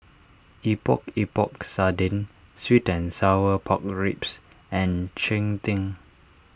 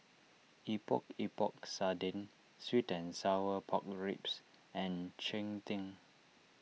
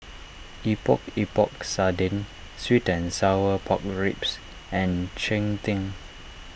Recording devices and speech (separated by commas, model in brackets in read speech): standing microphone (AKG C214), mobile phone (iPhone 6), boundary microphone (BM630), read sentence